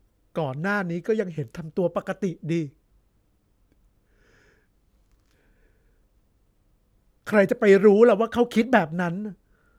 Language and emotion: Thai, sad